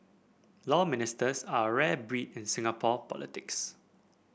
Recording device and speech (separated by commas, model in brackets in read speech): boundary microphone (BM630), read sentence